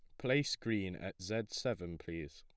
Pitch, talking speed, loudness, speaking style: 105 Hz, 165 wpm, -38 LUFS, plain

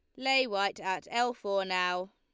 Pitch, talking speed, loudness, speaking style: 200 Hz, 185 wpm, -30 LUFS, Lombard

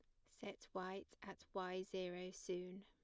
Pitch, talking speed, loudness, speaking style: 185 Hz, 140 wpm, -49 LUFS, plain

